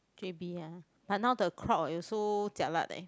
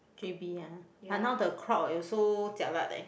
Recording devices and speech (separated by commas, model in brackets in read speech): close-talking microphone, boundary microphone, conversation in the same room